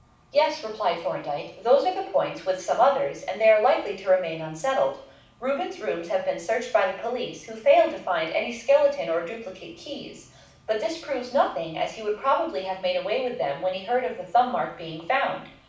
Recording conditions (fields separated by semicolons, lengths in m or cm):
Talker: one person; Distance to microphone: 5.8 m; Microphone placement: far; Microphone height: 1.8 m; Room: medium-sized (5.7 m by 4.0 m); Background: none